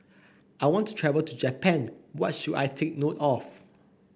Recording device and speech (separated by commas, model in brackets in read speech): boundary microphone (BM630), read sentence